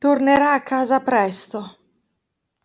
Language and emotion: Italian, sad